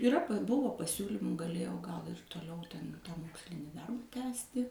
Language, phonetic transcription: Lithuanian, iˈra ˈbuvo paˈsiūlymų gaˈlėjau gal ir toˈliau ten ˈmokslinį ˈdarba ˈtęsti

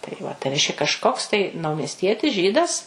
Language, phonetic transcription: Lithuanian, tai va tai ˈreiškia kažˈkoks tai naumiesˈtietis ˈžydas

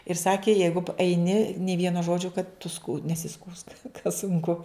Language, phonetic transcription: Lithuanian, ir ˈsakė ˈjeigu p eiˈni nė ˈvieno ˈžodžio kad tu sku nesiˈskųsk ka sunˈku

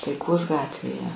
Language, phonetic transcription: Lithuanian, taiˈkos ˈgatvėje

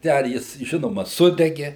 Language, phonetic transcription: Lithuanian, ˈten ˈjis ˈžinoma ˈsudege

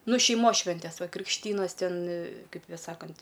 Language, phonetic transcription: Lithuanian, ˈnu šeiˈmos ˈšventes ˈva krikšˈtynas ˈten ˈkaip' ˈsakant'

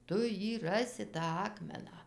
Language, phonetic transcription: Lithuanian, ˈtu ˈjį ˈrasi tą ˈakmeną

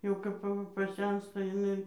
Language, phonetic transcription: Lithuanian, jau ˈkap aˈva paˈsensta jiˈnai

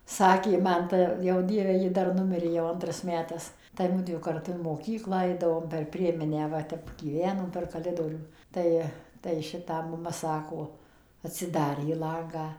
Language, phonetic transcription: Lithuanian, ˈsakė ˈman ˈta jau ˈdieve ˈji ˈdar ˈnumirė jau ˈantras ˈmetas tai ˈmudvi karˈtu in moˈkyklą ˈaidavom per ˈprieminę ˈva ˈtep gyˈvenom per kaˈlidorių ˈtai tai ˈšitą maˈma ˈsako atsiˈdarė ˈlangą

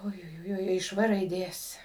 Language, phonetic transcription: Lithuanian, ujuˈjui iš ˈvɘ raiˈdės

